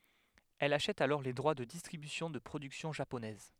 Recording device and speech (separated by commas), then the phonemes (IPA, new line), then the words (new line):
headset microphone, read sentence
ɛl aʃɛt alɔʁ le dʁwa də distʁibysjɔ̃ də pʁodyksjɔ̃ ʒaponɛz
Elle achète alors les droits de distribution de productions japonaises.